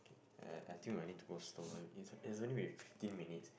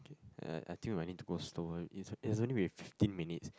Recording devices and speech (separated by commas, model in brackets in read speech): boundary microphone, close-talking microphone, conversation in the same room